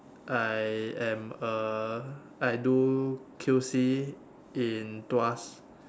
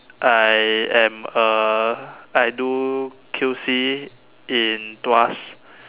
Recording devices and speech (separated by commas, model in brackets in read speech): standing microphone, telephone, conversation in separate rooms